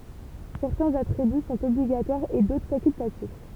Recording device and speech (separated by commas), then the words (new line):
temple vibration pickup, read sentence
Certains attributs sont obligatoires et d'autres facultatifs.